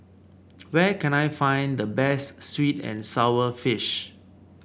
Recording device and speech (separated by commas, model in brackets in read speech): boundary microphone (BM630), read sentence